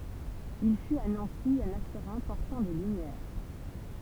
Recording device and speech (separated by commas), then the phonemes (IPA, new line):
temple vibration pickup, read sentence
il fyt a nɑ̃si œ̃n aktœʁ ɛ̃pɔʁtɑ̃ de lymjɛʁ